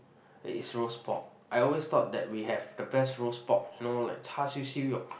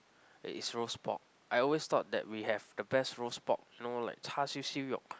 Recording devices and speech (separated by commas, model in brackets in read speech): boundary microphone, close-talking microphone, conversation in the same room